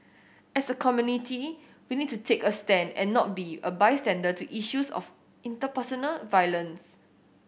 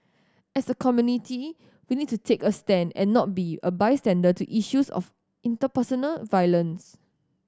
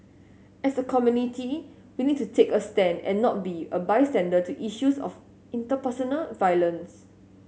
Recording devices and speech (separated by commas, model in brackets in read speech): boundary microphone (BM630), standing microphone (AKG C214), mobile phone (Samsung S8), read sentence